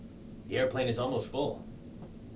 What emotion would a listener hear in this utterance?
neutral